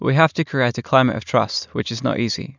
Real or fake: real